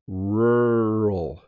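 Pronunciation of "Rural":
'Rural' is said slowly.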